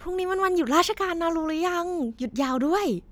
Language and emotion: Thai, happy